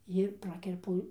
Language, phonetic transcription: Lithuanian, jir ˈprakerpu

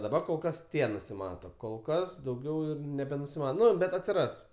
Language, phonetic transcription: Lithuanian, daˈbar kol ˈkas ˈtie nusiˈmato kol ˈkas dauˈgiau ir nebenusiˈma ˈnu ˈbet atsiˈras

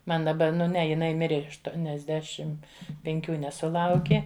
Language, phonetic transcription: Lithuanian, ˈman daˈba ˈnu ˈne jiˈnai ˈmirė aštuoniasˈdešim penˈkių nesuˈlauki

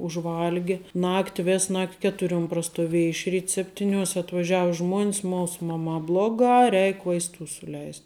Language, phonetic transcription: Lithuanian, užˈvalgi ˈnakti ˈvės ˈnakt' ˈketuriuom prastuˈvieja iš ˈryt ˈseptiˌnios' atvaˈžiava ˈžmuon's ˈmūs ˈmamā ˈblogā ˈreik vaisˈtų suˈleist'

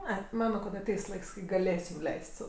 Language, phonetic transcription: Lithuanian, ˈai ˈmano kad aˈteis ˈlaiks kai gaˈlėsim ˈleis't' sau

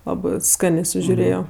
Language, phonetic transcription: Lithuanian, ˈlabɜ ˈskanė sužiuˈrėjo

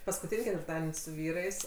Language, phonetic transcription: Lithuanian, paskuˈtyn' ketvirˈtaden' su ˈvyrais

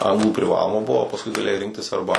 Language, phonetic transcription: Lithuanian, ˈanglų priˈvaloma ˈbuvo o pasˈkui gaˈlėjai ˈrinktis ˈarba

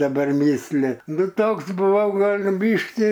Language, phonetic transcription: Lithuanian, daˈbar ˈmysli ˈnu ˈtoks buˈvau ˈgal' ˈbyški

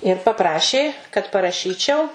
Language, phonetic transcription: Lithuanian, ir paˈprašė kad paraˈšyčiau

